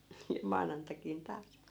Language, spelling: Finnish, ja maanantaikin taas
- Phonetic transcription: ja 'maanantakin 'taas .

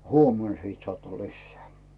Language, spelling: Finnish, huomenna sitten saatte lisää
- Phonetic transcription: » "huomen 'sit sᵒàtta 'lissᵉä̀ « .

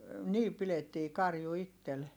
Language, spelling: Finnish, niin pidettiin karju itse
- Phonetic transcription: nii pilettii karju ittel .

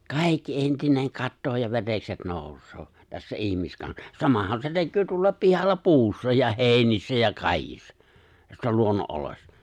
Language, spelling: Finnish, kaikki entinen katoaa ja verekset nousee tässä - ihmiskansa se näkyy tuollakin pihalla puussa ja heinissä ja kaikissa tässä luonnonoloissa
- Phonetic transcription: kàikki 'entineŋ 'kattoo ja 'verekset 'nòus̀oo , tässä 'ihmiskan- , 'samahan se 'näkkyy tuollaĕp̆ 'pihalla "puussa ja 'hèi̬nissä ja 'kài̬kissa , tässä 'luonno’’oloⁱssᴀ .

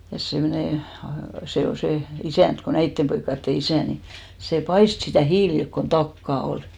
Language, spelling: Finnish, ja semmoinen se oli se isäntä kun näiden poikien isä niin se paistoi sitä hiilillä kun takkaa ollut
- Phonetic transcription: ja semnè , se ol 'se , 'isä̀nt ko "näittem poikkatte "isä̀ ni , sè 'paist sitä̀ 'hiililk kon "takkà 'ol .

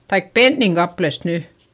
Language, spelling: Finnish, tai pennin kappaleesta nyt
- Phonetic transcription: taik penniŋ kaplest ny .

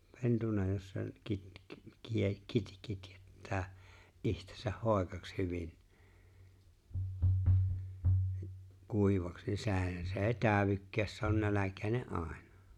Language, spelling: Finnish, pentuna jos sen - - - - kitjettää itsensä hoikaksi hyvin kuivaksi niin sehän se ei täydykään se on nälkäinen aina
- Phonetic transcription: 'pentuna jos sen , 'kit- kit- 'kie- kit- 'kitjettää , '’ihtesäh 'hòekaks 'hyvin , 'kuivaks ni 'sehän se "’e̬e̬ⁱ 'tääᵒvykkääs se on 'nälä̀kä̀ene’ "’àeɴᴀ .

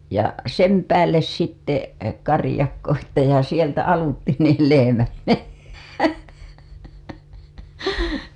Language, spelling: Finnish, ja sen päälle sitten karjakko sitten ja sieltä aluitse niin lehmät mennä
- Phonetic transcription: ja "sem päälles sitte , 'karĭjakko sitte ja sieltä 'aluttin niil lehemät mennä .

